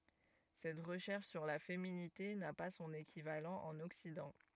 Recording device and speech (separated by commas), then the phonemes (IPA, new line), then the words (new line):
rigid in-ear microphone, read sentence
sɛt ʁəʃɛʁʃ syʁ la feminite na pa sɔ̃n ekivalɑ̃ ɑ̃n ɔksidɑ̃
Cette recherche sur la féminité n'a pas son équivalent en Occident.